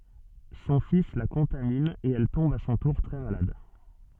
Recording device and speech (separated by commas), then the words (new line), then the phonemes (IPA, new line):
soft in-ear microphone, read sentence
Son fils la contamine et elle tombe à son tour très malade.
sɔ̃ fis la kɔ̃tamin e ɛl tɔ̃b a sɔ̃ tuʁ tʁɛ malad